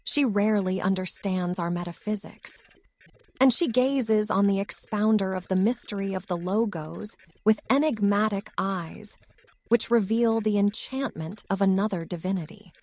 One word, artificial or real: artificial